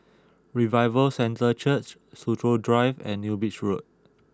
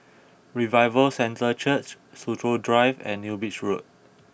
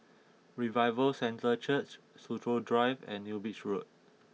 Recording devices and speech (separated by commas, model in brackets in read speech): close-talking microphone (WH20), boundary microphone (BM630), mobile phone (iPhone 6), read sentence